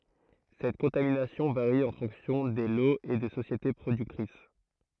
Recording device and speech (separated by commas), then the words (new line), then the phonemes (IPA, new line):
throat microphone, read sentence
Cette contamination varie en fonction des lots et des sociétés productrices.
sɛt kɔ̃taminasjɔ̃ vaʁi ɑ̃ fɔ̃ksjɔ̃ de loz e de sosjete pʁodyktʁis